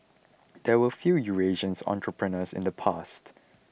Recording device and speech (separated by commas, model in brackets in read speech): boundary microphone (BM630), read sentence